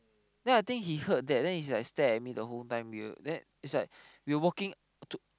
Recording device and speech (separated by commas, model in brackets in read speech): close-talking microphone, conversation in the same room